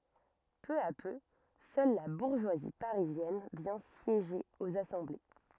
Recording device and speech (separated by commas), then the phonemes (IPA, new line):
rigid in-ear microphone, read sentence
pø a pø sœl la buʁʒwazi paʁizjɛn vjɛ̃ sjeʒe oz asɑ̃ble